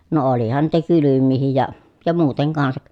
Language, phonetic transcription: Finnish, no olihan niitä kylymmiihij ja , ja muuteŋ kansak .
- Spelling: no olihan niitä kylmiäkin ja ja muuten kanssa

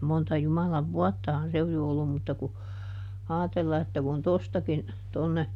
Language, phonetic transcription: Finnish, ˈmonta ˈJumalav "vuɔttahan se oj jo ollum mutta ku , ˈaatella että kun "tostakin , tonne, .
- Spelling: monta Jumalan vuottahan se on jo ollut mutta kun ajatella että kun tuostakin tuonne

